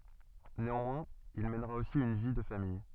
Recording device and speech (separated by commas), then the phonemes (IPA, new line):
soft in-ear microphone, read sentence
neɑ̃mwɛ̃z il mɛnʁa osi yn vi də famij